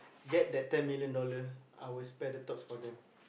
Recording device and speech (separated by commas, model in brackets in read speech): boundary microphone, conversation in the same room